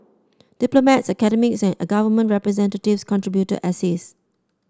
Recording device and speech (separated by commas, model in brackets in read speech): standing microphone (AKG C214), read sentence